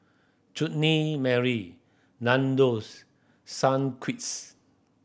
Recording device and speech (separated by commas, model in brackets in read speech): boundary microphone (BM630), read sentence